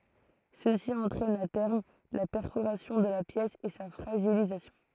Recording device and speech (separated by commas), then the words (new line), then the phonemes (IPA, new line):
throat microphone, read sentence
Ceci entraîne à terme la perforation de la pièce et sa fragilisation.
səsi ɑ̃tʁɛn a tɛʁm la pɛʁfoʁasjɔ̃ də la pjɛs e sa fʁaʒilizasjɔ̃